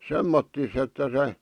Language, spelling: Finnish, semmottoon että se
- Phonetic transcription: 'semmottis ‿että se ,.

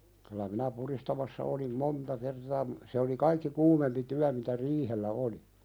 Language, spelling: Finnish, kyllä minä pudistamassa olin monta kertaa - se oli kaikki kuumempi työ mitä riihellä oli
- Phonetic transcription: kylä minä 'puðistamassa olim "monta kertaa m- , se oli 'kaikki "kuumempi 'tyä mitä "riihellä oli .

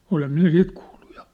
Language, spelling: Finnish, olen minä sitä kuullut ja
- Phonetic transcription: 'olem 'minä "sit kuulʟᴜ ᴊᴀ .

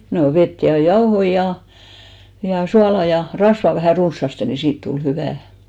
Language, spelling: Finnish, no vettä ja jauhoja ja ja suolaa ja rasvaa vähän runsaasti niin siitä tuli hyvää
- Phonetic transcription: no 'vet ja 'jaohoi ja , ja 'suala ja , 'rasva vähä̀ 'runssaste ni "siit tul 'hyvä̀ .

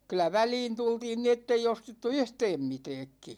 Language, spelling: Finnish, kyllä väliin tultiin niin että ei ostettu yhtään mitäänkin
- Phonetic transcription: 'kyl̆lä "väliin 'tultiin ni ‿ettei 'ostettu "yhtɛɛm 'mitɛɛkki .

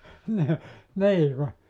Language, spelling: Finnish, niin niin kun
- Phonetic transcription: ni , 'nii ku ,.

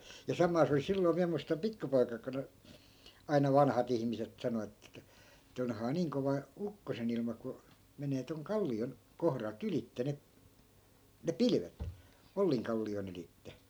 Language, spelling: Finnish, ja samaa se oli silloin minä muistan - pikkupoika-aikoina aina vanhat ihmiset sanoi että että onhan niin kova ukkosen ilma kun menee tuon kallion kohdalta ylitse ne ne pilvet Ollinkallion ylitse
- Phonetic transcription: ja 'samaa se oli 'silloi̮ 'miä muistam "pikkupoik( ‿aikoⁱna) , aina 'vanhat ‿ihmiset 'sano että , että » 'onhaa "niiŋ kova , 'ukkosen ‿ilma ku , 'menee toŋ 'kalli₍on , 'kohral't ‿ylitte ne , ne "pilvet » , 'olliŋkalli₍on ‿ylitte .

